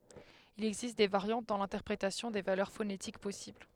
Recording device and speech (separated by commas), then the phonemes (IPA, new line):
headset microphone, read sentence
il ɛɡzist de vaʁjɑ̃t dɑ̃ lɛ̃tɛʁpʁetasjɔ̃ de valœʁ fonetik pɔsibl